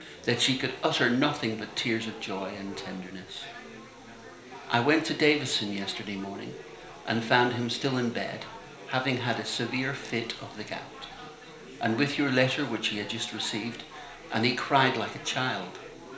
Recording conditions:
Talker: one person; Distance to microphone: 1.0 m; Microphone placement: close; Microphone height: 1.1 m; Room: small (3.7 m by 2.7 m); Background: babble

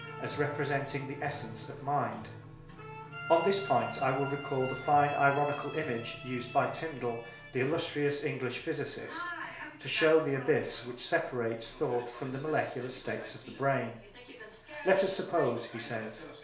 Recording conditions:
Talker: one person; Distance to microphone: 1.0 m; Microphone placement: close; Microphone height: 1.1 m; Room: small (3.7 m by 2.7 m); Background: television

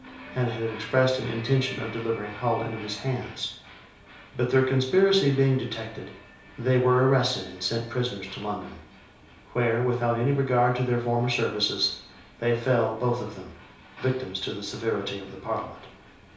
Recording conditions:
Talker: one person; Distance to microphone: 3.0 m; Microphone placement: far; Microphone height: 1.8 m; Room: small (3.7 m by 2.7 m); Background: television

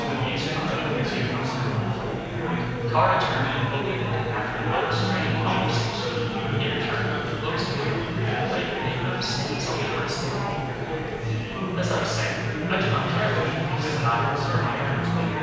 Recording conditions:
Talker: one person; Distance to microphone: 7.1 m; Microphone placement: far; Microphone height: 1.7 m; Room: very reverberant, large; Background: babble

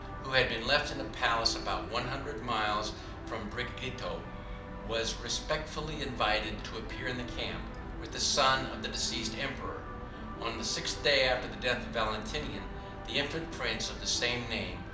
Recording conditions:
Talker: one person; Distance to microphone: 2.0 m; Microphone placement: close; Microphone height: 99 cm; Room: medium-sized (5.7 m by 4.0 m); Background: television

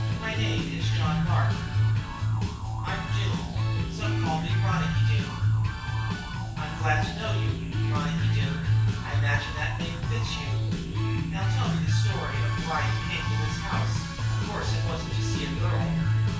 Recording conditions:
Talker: one person; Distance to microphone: 9.8 m; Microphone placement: far; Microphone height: 1.8 m; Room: large; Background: music

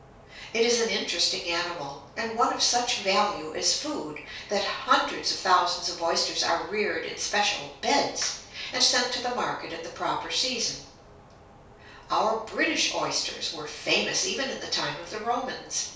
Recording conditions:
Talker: one person; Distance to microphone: 3.0 m; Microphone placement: far; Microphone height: 1.8 m; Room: small (3.7 m by 2.7 m); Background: none

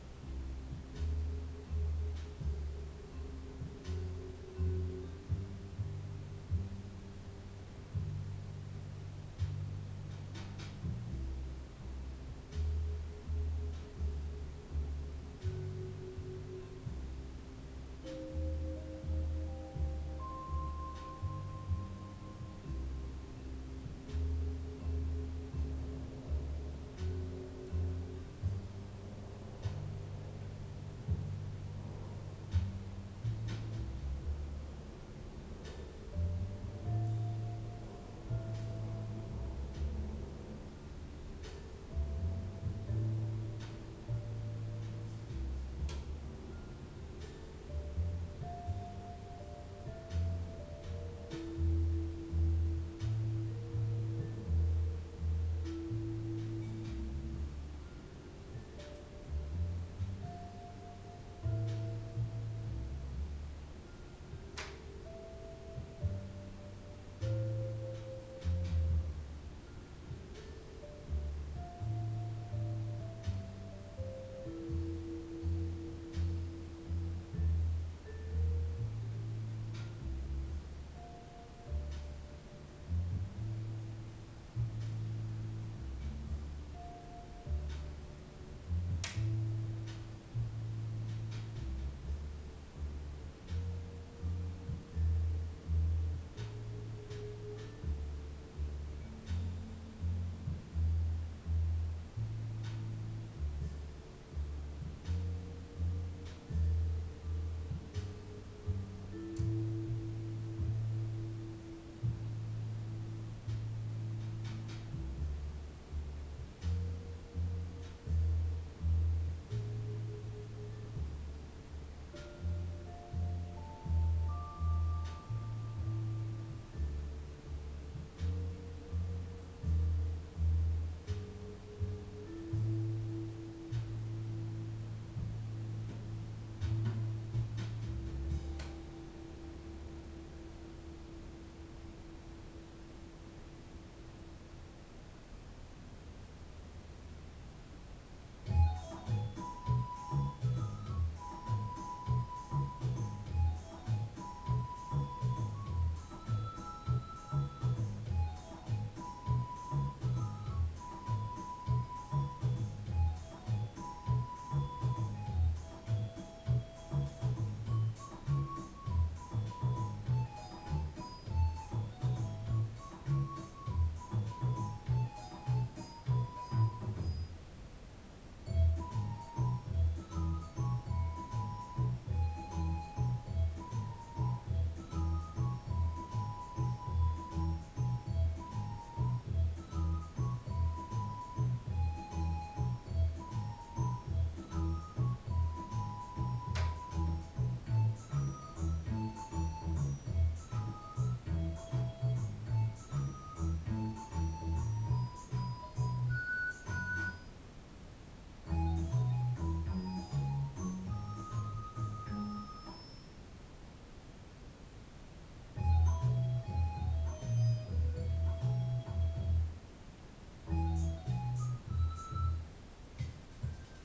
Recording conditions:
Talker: no one; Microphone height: 1.8 m; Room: small (3.7 m by 2.7 m); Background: music

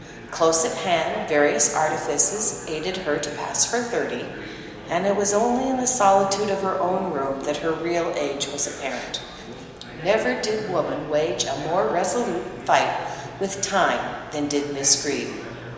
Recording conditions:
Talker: one person; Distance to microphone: 1.7 m; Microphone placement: close; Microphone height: 1.0 m; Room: very reverberant, large; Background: babble

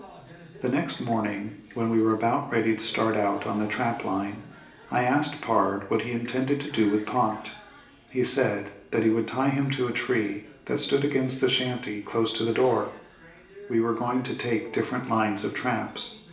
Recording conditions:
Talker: one person; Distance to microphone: 1.8 m; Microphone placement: close; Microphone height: 1.0 m; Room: large; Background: television

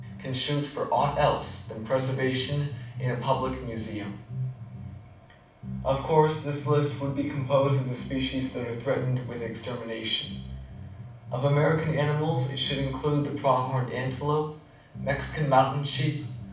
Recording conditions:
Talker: one person; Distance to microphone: 5.8 m; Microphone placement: far; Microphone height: 1.8 m; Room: medium-sized (5.7 m by 4.0 m); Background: music

